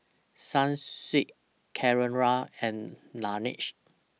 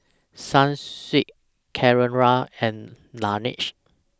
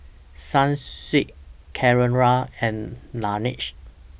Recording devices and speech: mobile phone (iPhone 6), standing microphone (AKG C214), boundary microphone (BM630), read sentence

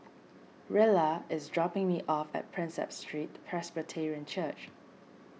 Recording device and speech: mobile phone (iPhone 6), read sentence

